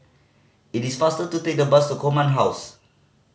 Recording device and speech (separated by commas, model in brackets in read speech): mobile phone (Samsung C5010), read sentence